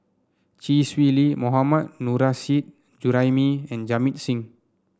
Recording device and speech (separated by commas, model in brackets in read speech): standing microphone (AKG C214), read sentence